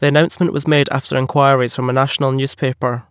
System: none